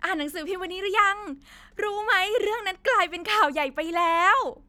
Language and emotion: Thai, happy